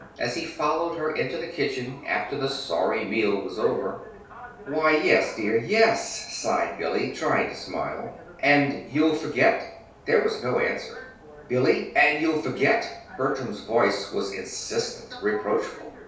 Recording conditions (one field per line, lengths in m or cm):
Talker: one person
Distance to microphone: 3.0 m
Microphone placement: far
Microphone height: 1.8 m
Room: small (3.7 m by 2.7 m)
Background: television